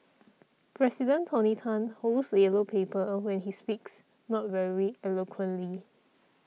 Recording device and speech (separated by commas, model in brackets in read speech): mobile phone (iPhone 6), read sentence